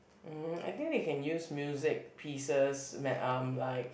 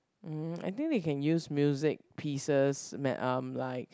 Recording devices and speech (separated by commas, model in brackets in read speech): boundary microphone, close-talking microphone, conversation in the same room